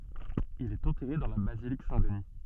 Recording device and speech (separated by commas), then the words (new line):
soft in-ear microphone, read sentence
Il est enterré dans la basilique Saint-Denis.